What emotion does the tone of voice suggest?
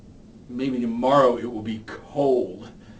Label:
disgusted